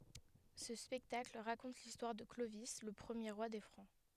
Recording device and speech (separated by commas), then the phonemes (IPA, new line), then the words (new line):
headset microphone, read sentence
sə spɛktakl ʁakɔ̃t listwaʁ də klovi lə pʁəmje ʁwa de fʁɑ̃
Ce spectacle raconte l'histoire de Clovis le premier roi des Francs.